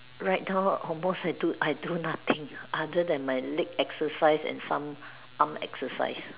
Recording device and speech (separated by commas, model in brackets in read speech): telephone, conversation in separate rooms